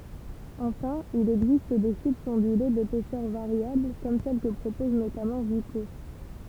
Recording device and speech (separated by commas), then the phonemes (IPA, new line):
temple vibration pickup, read sentence
ɑ̃fɛ̃ il ɛɡzist de ʃipz ɔ̃dyle depɛsœʁ vaʁjabl kɔm sɛl kə pʁopɔz notamɑ̃ viko